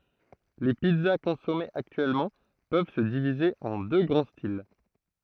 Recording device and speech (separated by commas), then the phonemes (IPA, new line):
throat microphone, read sentence
le pizza kɔ̃sɔmez aktyɛlmɑ̃ pøv sə divize ɑ̃ dø ɡʁɑ̃ stil